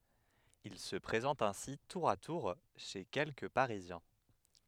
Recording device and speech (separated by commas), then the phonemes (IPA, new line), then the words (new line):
headset microphone, read sentence
il sə pʁezɑ̃t ɛ̃si tuʁ a tuʁ ʃe kɛlkə paʁizjɛ̃
Il se présente ainsi tour à tour chez quelques parisiens.